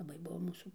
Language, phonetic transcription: Lithuanian, laˈbai ˈbuvo ˈmūsų

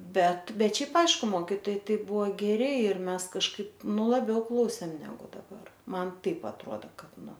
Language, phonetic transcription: Lithuanian, ˈbet ˈbet ˈšiaip ˈaišku ˈmokytojai ˈtai ˈbuvo ˈgeri ir ˈmes kažˈkaip ˈnu laˈbiau ˈklausėm ˈnegu daˈbar ˈman ˈtaip atˈroda ˈkad ˈnu

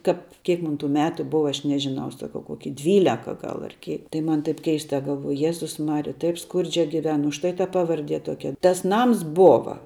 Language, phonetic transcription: Lithuanian, ˈkap kiek ˈmun tų ˈmetu ˈbuva ˈaš ˈnežiˌnau saˈkau ˈkoki ˈdvyleka ˈgal ar ˈkė tai ˈman taip ˈkeista galˈvuoju ˈjezus ˈmarija ˈtaip ˈskurdžia giˈven už ˈtai ta ˈpavardie ˈtuokia tas ˈnams ˈbova

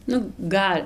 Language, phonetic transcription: Lithuanian, ˈnu ˈgal'

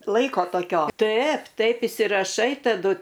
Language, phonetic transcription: Lithuanian, ˈlaiko toˈkio ˈtaip ˈtaip isiraˈšai taˈdu

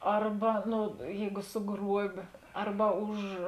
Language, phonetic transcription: Lithuanian, ˈarba ˈnu ˈjeigu suˈgruobė ˈarba ˈuž

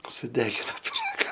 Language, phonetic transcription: Lithuanian, suˈdegino piˈraga

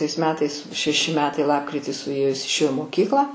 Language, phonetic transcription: Lithuanian, tais ˈmetais šeˈši ˈmetai ˈlapkritį suˈėjo ˈjis išˈėjo i moˈkyklą

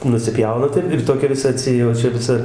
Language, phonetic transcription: Lithuanian, nusiˈpjauna ˈtaip ir ˈtokia viˈsa atˈsi o ˈčia viˈsa

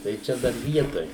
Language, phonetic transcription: Lithuanian, tai ˈčia dar ˈvietoj

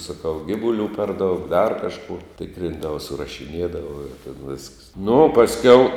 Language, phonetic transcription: Lithuanian, saˈkau ˈgivulių per ˈdaug dar ˈkažkuo ˈtikrindava surašiˈniedava ir tėn visks nu o pasˈkiau

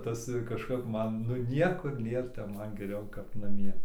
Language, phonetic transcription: Lithuanian, ˈtas kažˈkap ˈman nu ˈniekur ˈnėr tep ˈman geˈriau kap naˈmie

